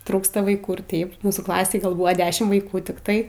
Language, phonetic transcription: Lithuanian, ˈtrūksta vaiˈkų ir ˈteip ˈmūsų klaˈsėj ˈgal ˈbuvo ˈdešim vaiˈkų tikˈtai

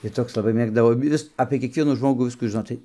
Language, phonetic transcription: Lithuanian, tai ˈtoks laˈbai ˈmėgdavo ˈjis apė kiekˈvienų ˈžmogų ˈviskų žiˈnot ˈtai

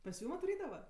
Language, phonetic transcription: Lithuanian, pas ˈjūm atvaˈrydava

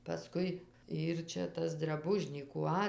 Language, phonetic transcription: Lithuanian, paˈskui ˈyr ˈčia ˈtas draˈbužnykų ˈa

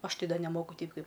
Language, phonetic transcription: Lithuanian, ˈaš ˈtei ˈda neˈmoku ˈteip ˈkaip

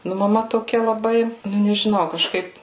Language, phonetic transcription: Lithuanian, ˈnu maˈma toˈkia laˈbai ˈnu nežiˈnau kaˈžkaip

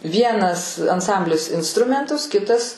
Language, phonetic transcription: Lithuanian, ˈvienas anˈsamblis insˈtrumentus ˈkitas

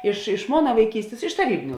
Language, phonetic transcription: Lithuanian, iš iš ˈmona vaiˈkystės iš taˈrybiniu

